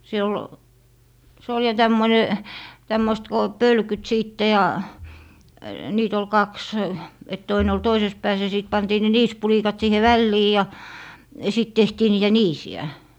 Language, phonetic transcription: Finnish, se ol , se ol ja 'tämmone , 'tämmoist ko , "pölkyt 'siitte ja , 'niit ‿ol "kaks , et 'toine ol "toises 'pääs ja 'sìt 'pantii ne "niispulikat 'siihe "vällii ja , sit 'tehtii niitä "niisi₍ä .
- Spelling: se oli se oli ja tämmöinen tämmöistä kun pölkyt sitten ja niitä oli kaksi että toinen oli toisessa päässä ja sitten pantiin ne niisipulikat siihen väliin ja sitten tehtiin niitä niisiä

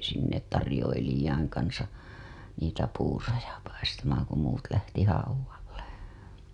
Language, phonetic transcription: Finnish, sinne , tarĭjoilij̆jaiŋ kansa , niitä puuroja paistamaaŋ ku muut lähti hauwalle .
- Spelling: sinne tarjoilijoiden kanssa niitä puuroja paistamaan kun muut lähti haudalle

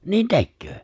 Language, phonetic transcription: Finnish, 'niin "tekköö !
- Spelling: niin tekee

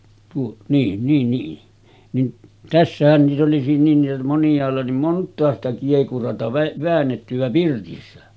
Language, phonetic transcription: Finnish, tuo , niin niin nii , nin 'tässähän niit ‿oli niill ‿oli monjàella oli 'mont̀aa ‿sta kiekurata vä- 'väännetty₍ä pirtissä .
- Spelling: tuo niin niin niin niin tässähän niitä oli niillä oli moniailla oli montaa sitä kiekuraa - väännettyä pirtissä

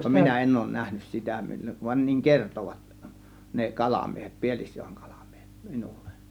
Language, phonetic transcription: Finnish, minä "en òŭn 'nähnys 'sitä mil- , van niŋ "kertovat , ne "kalàmiehEt , "Pi̬elIsJOEИ 'kALAMIEHEt , 'miNUL̆LE .
- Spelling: minä en ole nähnyt sitä - vaan niin kertoivat ne kalamiehet Pielisjoen kalamiehet minulle

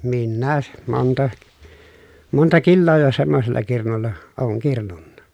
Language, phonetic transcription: Finnish, minnää , monta , monta killoo jo semmosella kirnulla , ooŋ kirnunna .
- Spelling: minäkin monta monta kiloa jo semmoisella kirnulla olen kirnunnut

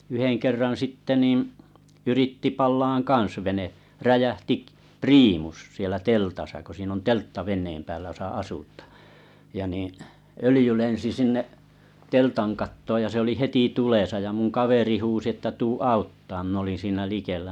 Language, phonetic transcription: Finnish, yheŋ kerran̬ 'sitte nìm , yritti 'pal̆laaŋ "kaa̰s vene , 'räjähti k- "priimus , sielä 'teltasa ko siin ‿on teltta veǹeem päälä jᵒsa asut̀ᴀᴀ , ja niiⁱ , 'ölⁱjy 'lensi 'sinne’ , "teltan 'kattooj ja se oli "heti 'tulèsa ja mun 'kaveri 'huusi että » tuu "auttamaam « min ‿olin siinä 'likellᵃ̈ .
- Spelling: yhden kerran sitten niin yritti palamaan kanssa vene räjähti - priimus siellä teltassa kun siinä on teltta veneen päällä jossa asutaan ja niin öljy lensi sinne teltan kattoon ja se oli heti tulessa ja minun kaveri huusi että tule auttamaan minä olin siinä likellä

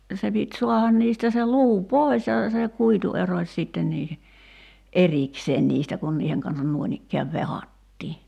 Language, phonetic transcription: Finnish, se pit 'suahan niistä se 'luu "poi̬s ja , se 'kuitu "eroś 'sìtten niihe , "’erikseen 'niistä kun 'niiheŋ kansan 'nuoⁱnikkeäv "vehat́tii .
- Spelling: se piti saada niistä se luu pois ja se kuitu erosi sitten niiden erikseen niistä kun niiden kanssa noinikään vehdattiin

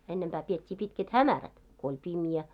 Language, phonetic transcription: Finnish, 'ennemʙää 'piet́t́ii 'pitket "hämärät , ko oĺ "pimjä .
- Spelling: ennempää pidettiin pitkät hämärät kun oli pimeä

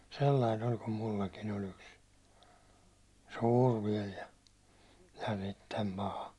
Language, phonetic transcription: Finnish, sellain ‿oĺ kum 'mullakin ‿oĺ ‿yks , 'sûr viɛl ja , ja "sittem "paha .
- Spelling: sellainen oli kun minullakin oli yksi suuri vielä ja ja sitten paha

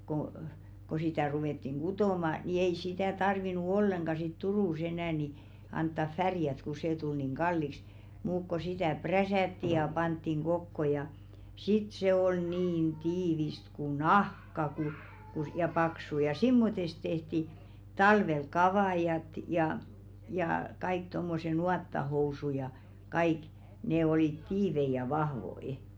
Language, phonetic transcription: Finnish, ko , ko sitä̀ 'ruvèttiŋ "ɢutòma , ni ei sitä̀ 'tarvinu "olleŋɢa sit "Turù's ‿enä̀ ni , 'anttaf "färjät ku 'see tul niŋ "ɢalliks , muuk ko 'sitä̀ "präsä̀tti ja 'panttiŋ "ɢokko ja , 'sit se ol 'niin "tiivist ku "nahka ku , ku s- ja 'paksu ja 'simmotest tehti , 'talvel "kavàjat ja , jaa , kaik 'tommose "nuattahousu ja , kaik , 'ne olìt "tiivei ja 'vahvo₍i .
- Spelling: kun kun sitä ruvettiin kutomaan niin ei sitä tarvinnut ollenkaan sitten Turussa enää niin antaa värjätä kun se tuli niin kalliiksi mutta kun sitä prässättiin ja pantiin kokoon ja sitten se oli niin tiivistä kuin nahka kun kun - ja paksu ja semmoista tehtiin talvella kavaijit ja ja kaikki tuommoiset nuottahousut ja kaikki ne olivat tiiviitä ja vahvoja

